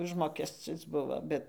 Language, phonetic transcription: Lithuanian, ˈužmokescis ˈbuvo ˈbet

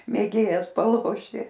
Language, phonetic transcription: Lithuanian, mėˈgėjas paˈlošti

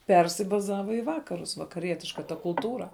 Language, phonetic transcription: Lithuanian, ˈpersibazava i ˈvakarus vakaˈrietiška ta kulˈtūra

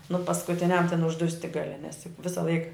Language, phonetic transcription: Lithuanian, nu paskuˈtiniam ten užˈdusti gaˈli nes juk ˈvisa ˈlaik

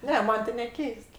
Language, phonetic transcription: Lithuanian, ˈne ˈman' ti neˈkeist

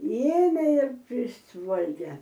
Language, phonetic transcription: Lithuanian, ˈėmė ir ˈprisvalgia

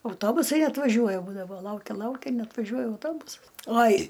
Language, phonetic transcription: Lithuanian, auˈtobusai atvaˈžiuoja ˈbūdavo ˈlaukia ˈlaukia neatvaˈžiuoja auˈtobusas ˈoj

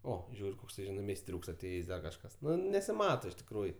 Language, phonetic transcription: Lithuanian, o ˈžiūri ˈkoks ˈžinai meisˈtriūks aˈtėjės' ˈdar kažˈkas ˈnu nesiˈmato iš tikˈrųju

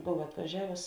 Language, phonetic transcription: Lithuanian, ˈbov atvaˈžiavus

